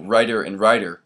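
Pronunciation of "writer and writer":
Both words are said with a tap in the middle, for the t in one and the d in the other, so the two words sound very, very similar.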